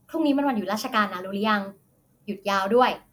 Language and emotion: Thai, happy